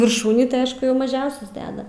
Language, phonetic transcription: Lithuanian, virˈšūnį tai ˈaš jau maˈžiausias ˈdeda

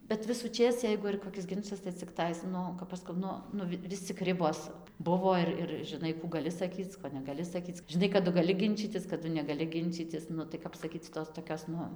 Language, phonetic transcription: Lithuanian, bet visuˈčės ˈjeigu ir koˈkis ˈginčas tai cikˈtais ˈnu kap ˈaš skau ˈnu ˈnu ˈvis cik ˈribos ˈbuvo ir ir žiˈnai kų gaˈli saˈkyc ˈko negaˈli saˈkyc žiˈnai kaˈdu gaˈli ˈginčytis kaˈdu negaˈli ˈginčytis ˈnu tai ˈkap saˈkyc ˈtos toˈkios ˈnu

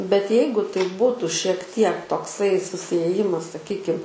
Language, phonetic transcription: Lithuanian, bet ˈjeigu tai ˈbutu šiek ˈtiek tokˈsai susiėˈjimas saˈkykim

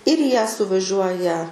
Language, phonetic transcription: Lithuanian, ir į ją suvaˈžiuoja

